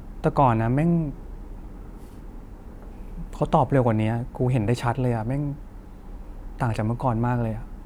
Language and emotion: Thai, frustrated